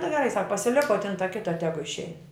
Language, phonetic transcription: Lithuanian, nu geˈrai sak pasiˈlik o ta ˈkita ˈtegu išˈein

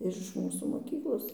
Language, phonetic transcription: Lithuanian, ir iš ˈmūsų moˈkyklos

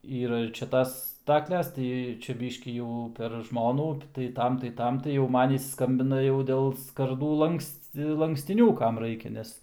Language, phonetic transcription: Lithuanian, ˈyra ir čia ˈtas ˈstakles ˈtai ˈčia ˈbiškį jau per ˈžmonų tai ˈtam tai ˈtam tai jau ˈman ˈis ˈskambina jau ˈdėl skaˈrdų ˈlanksti lankstiˈnių ˈkam ˈraikia ˈnes

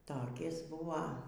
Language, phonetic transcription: Lithuanian, toˈkis ˈbuva

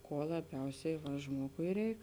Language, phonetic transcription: Lithuanian, ˈkuo laˈbiausiai va ˈžmuogui ˈreik

